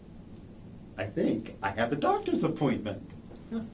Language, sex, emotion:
English
male
happy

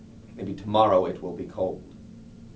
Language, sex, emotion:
English
male
neutral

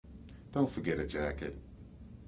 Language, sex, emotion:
English
male
neutral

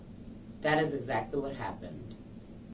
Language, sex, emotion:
English
female
neutral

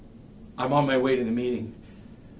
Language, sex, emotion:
English
male
neutral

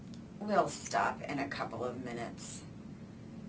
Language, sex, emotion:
English
female
disgusted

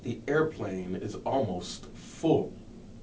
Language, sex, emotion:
English
male
disgusted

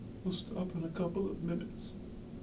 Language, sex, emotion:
English
male
sad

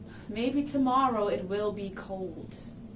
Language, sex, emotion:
English
female
neutral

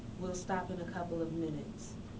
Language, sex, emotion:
English
female
neutral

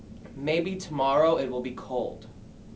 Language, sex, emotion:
English
male
neutral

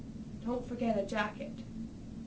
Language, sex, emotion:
English
female
neutral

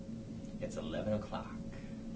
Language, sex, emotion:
English
male
neutral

